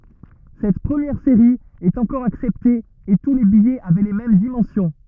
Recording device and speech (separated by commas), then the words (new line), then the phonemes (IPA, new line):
rigid in-ear microphone, read sentence
Cette première série est encore acceptée et tous les billets avaient les mêmes dimensions.
sɛt pʁəmjɛʁ seʁi ɛt ɑ̃kɔʁ aksɛpte e tu le bijɛz avɛ le mɛm dimɑ̃sjɔ̃